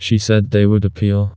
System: TTS, vocoder